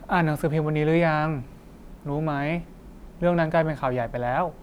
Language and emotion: Thai, neutral